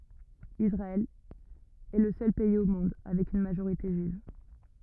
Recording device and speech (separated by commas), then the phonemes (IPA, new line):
rigid in-ear microphone, read sentence
isʁaɛl ɛ lə sœl pɛiz o mɔ̃d avɛk yn maʒoʁite ʒyiv